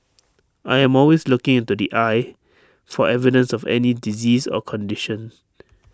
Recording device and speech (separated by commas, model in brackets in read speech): standing microphone (AKG C214), read sentence